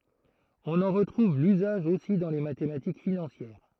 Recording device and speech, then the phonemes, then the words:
throat microphone, read sentence
ɔ̃n ɑ̃ ʁətʁuv lyzaʒ osi dɑ̃ le matematik finɑ̃sjɛʁ
On en retrouve l'usage aussi dans les mathématiques financières.

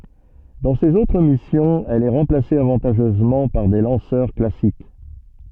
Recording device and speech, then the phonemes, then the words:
soft in-ear microphone, read sentence
dɑ̃ sez otʁ misjɔ̃z ɛl ɛ ʁɑ̃plase avɑ̃taʒœzmɑ̃ paʁ de lɑ̃sœʁ klasik
Dans ses autres missions, elle est remplacée avantageusement par des lanceurs classiques.

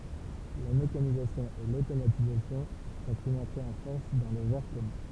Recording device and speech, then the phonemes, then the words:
temple vibration pickup, read sentence
la mekanizasjɔ̃ e lotomatizasjɔ̃ fɔ̃t yn ɑ̃tʁe ɑ̃ fɔʁs dɑ̃ lə vɛʁ kɔmœ̃
La mécanisation et l'automatisation font une entrée en force dans le verre commun.

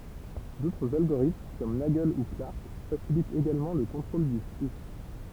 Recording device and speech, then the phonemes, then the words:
temple vibration pickup, read sentence
dotʁz alɡoʁitm kɔm naɡl u klaʁk fasilitt eɡalmɑ̃ lə kɔ̃tʁol dy fly
D'autres algorithmes comme Nagle ou Clarck facilitent également le contrôle du flux.

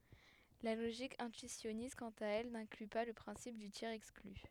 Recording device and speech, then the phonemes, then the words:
headset microphone, read sentence
la loʒik ɛ̃tyisjɔnist kɑ̃t a ɛl nɛ̃kly pa lə pʁɛ̃sip dy tjɛʁz ɛkskly
La logique intuitionniste, quant à elle, n'inclut pas le principe du tiers-exclu.

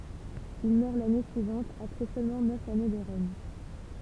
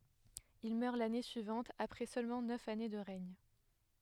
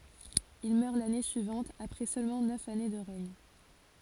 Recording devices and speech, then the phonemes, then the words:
temple vibration pickup, headset microphone, forehead accelerometer, read sentence
il mœʁ lane syivɑ̃t apʁɛ sølmɑ̃ nœf ane də ʁɛɲ
Il meurt l'année suivante après seulement neuf années de règne.

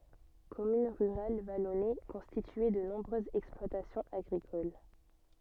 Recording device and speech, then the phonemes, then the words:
soft in-ear microphone, read sentence
kɔmyn ʁyʁal valɔne kɔ̃stitye də nɔ̃bʁøzz ɛksplwatasjɔ̃z aɡʁikol
Commune rurale vallonnée, constituée de nombreuses exploitations agricoles.

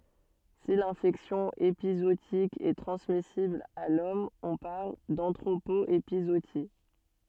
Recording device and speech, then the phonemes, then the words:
soft in-ear microphone, read sentence
si lɛ̃fɛksjɔ̃ epizootik ɛ tʁɑ̃smisibl a lɔm ɔ̃ paʁl dɑ̃tʁopo epizooti
Si l'infection épizootique est transmissible à l'homme on parle d'anthropo-épizootie.

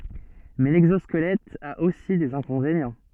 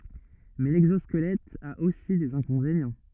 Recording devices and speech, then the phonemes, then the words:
soft in-ear microphone, rigid in-ear microphone, read sentence
mɛ lɛɡzɔskəlɛt a osi dez ɛ̃kɔ̃venjɑ̃
Mais l'exosquelette a aussi des inconvénients.

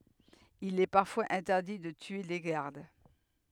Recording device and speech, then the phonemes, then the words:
headset microphone, read sentence
il ɛ paʁfwaz ɛ̃tɛʁdi də tye le ɡaʁd
Il est parfois interdit de tuer les gardes.

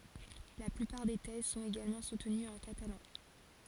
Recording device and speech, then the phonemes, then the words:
forehead accelerometer, read sentence
la plypaʁ de tɛz sɔ̃t eɡalmɑ̃ sutənyz ɑ̃ katalɑ̃
La plupart des thèses sont également soutenues en catalan.

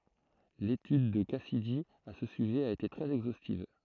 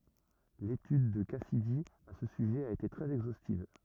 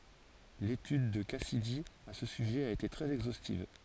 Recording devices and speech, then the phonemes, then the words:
throat microphone, rigid in-ear microphone, forehead accelerometer, read sentence
letyd də kasidi a sə syʒɛ a ete tʁɛz ɛɡzostiv
L'étude de Cassidy à ce sujet a été très exhaustive.

